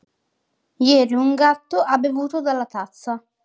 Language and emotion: Italian, neutral